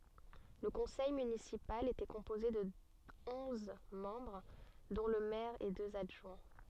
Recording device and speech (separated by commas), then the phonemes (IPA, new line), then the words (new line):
soft in-ear microphone, read sentence
lə kɔ̃sɛj mynisipal etɛ kɔ̃poze də ɔ̃z mɑ̃bʁ dɔ̃ lə mɛʁ e døz adʒwɛ̃
Le conseil municipal était composé de onze membres dont le maire et deux adjoints.